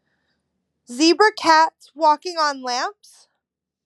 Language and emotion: English, fearful